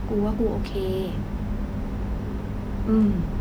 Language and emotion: Thai, sad